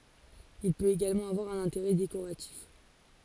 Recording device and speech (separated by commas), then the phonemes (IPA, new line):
forehead accelerometer, read sentence
il pøt eɡalmɑ̃ avwaʁ œ̃n ɛ̃teʁɛ dekoʁatif